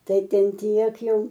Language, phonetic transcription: Lithuanian, ˈtai ˈten ˈtiek ˈjau

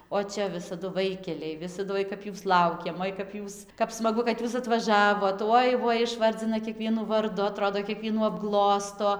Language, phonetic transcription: Lithuanian, o ˈčia visaˈdu ˈvaikelei ˈvisadu ˈoi kap ˈjūs ˈlaukėm ˈoi kap ˈjūs kaip smaˈgu kad ˈjūs atvaˈžavot ˈoi ˈvoi išˈvardzina kieˈkvienų varˈdu aˈtrodo kieˈkvienų apˈglosto

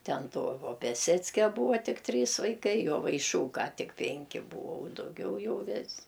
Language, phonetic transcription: Lithuanian, ˈten ˈto o piaˈseckia ˈbūa ˈtik ˈtrys vaiˈkai jovaiˈšūka ˈtik ˈpenki ˈbūo dauˈgiau ˈjau ˈvis'

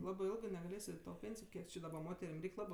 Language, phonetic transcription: Lithuanian, ˈlabɜ ˈilgɜ negaˈlės' i ˈto ˈpėnsijo ˈkiek či daˈba ˈmoterim ˈreik' ˈlabɜ

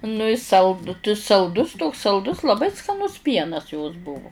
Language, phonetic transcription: Lithuanian, nu i ˈsald t salˈdus toks salˈdus laˈbai skaˈnus ˈpienas jos ˈbuvu

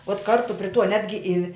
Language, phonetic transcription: Lithuanian, uot ˈkartu pri tuo ˈnetgi i

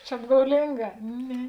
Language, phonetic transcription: Lithuanian, čia apgauˈlinˌgā ˈne

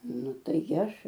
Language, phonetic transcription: Lithuanian, ˈnu ˈtai ˈaš

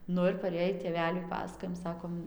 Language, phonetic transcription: Lithuanian, ˈnu ir paˈrėjį tėˈveliui ˈpasakojam ˈsakom

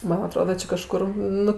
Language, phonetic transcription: Lithuanian, ˈman aˈtroda ˈči kaˈžkur ˈnu

